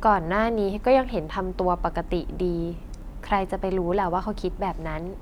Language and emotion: Thai, neutral